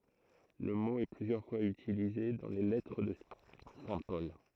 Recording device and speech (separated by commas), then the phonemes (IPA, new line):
throat microphone, read sentence
lə mo ɛ plyzjœʁ fwaz ytilize dɑ̃ le lɛtʁ də sɛ̃ pɔl